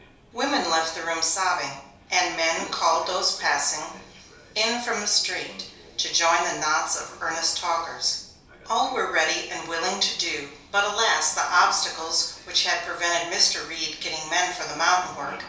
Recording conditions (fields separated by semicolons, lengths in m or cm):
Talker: one person; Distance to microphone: 3.0 m; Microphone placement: far; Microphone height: 1.8 m; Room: small (3.7 m by 2.7 m); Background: television